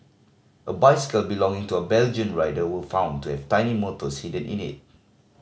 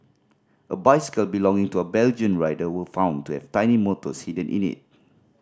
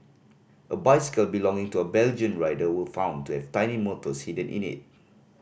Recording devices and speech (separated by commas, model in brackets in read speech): mobile phone (Samsung C5010), standing microphone (AKG C214), boundary microphone (BM630), read sentence